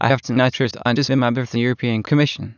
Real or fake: fake